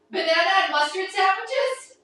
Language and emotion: English, fearful